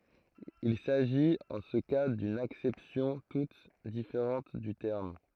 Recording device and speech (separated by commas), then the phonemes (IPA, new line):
throat microphone, read sentence
il saʒit ɑ̃ sə ka dyn aksɛpsjɔ̃ tut difeʁɑ̃t dy tɛʁm